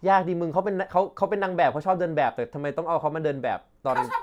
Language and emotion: Thai, frustrated